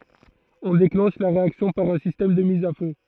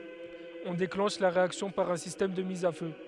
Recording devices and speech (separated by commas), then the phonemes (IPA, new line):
throat microphone, headset microphone, read sentence
ɔ̃ deklɑ̃ʃ la ʁeaksjɔ̃ paʁ œ̃ sistɛm də miz a fø